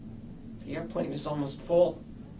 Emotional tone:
neutral